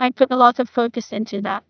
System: TTS, neural waveform model